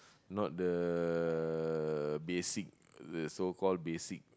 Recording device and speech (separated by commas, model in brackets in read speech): close-talking microphone, conversation in the same room